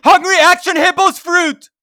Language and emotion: English, neutral